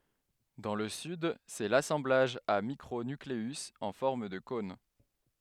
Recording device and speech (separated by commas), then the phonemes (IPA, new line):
headset microphone, read sentence
dɑ̃ lə syd sɛ lasɑ̃blaʒ a mikʁo nykleyz ɑ̃ fɔʁm də kɔ̃n